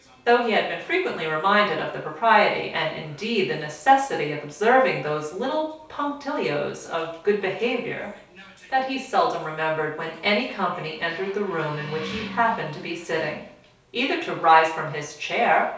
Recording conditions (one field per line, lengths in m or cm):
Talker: one person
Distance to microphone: 3.0 m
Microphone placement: far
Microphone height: 1.8 m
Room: small (3.7 m by 2.7 m)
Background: television